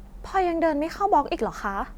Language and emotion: Thai, frustrated